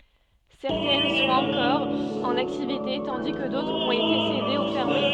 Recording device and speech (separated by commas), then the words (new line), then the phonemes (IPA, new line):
soft in-ear microphone, read sentence
Certaines sont encore en activité, tandis que d'autres ont été cédées ou fermées.
sɛʁtɛn sɔ̃t ɑ̃kɔʁ ɑ̃n aktivite tɑ̃di kə dotʁz ɔ̃t ete sede u fɛʁme